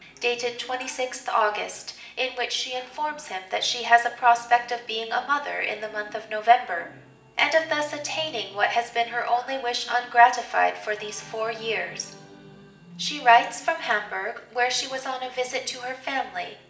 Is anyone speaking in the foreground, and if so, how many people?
One person.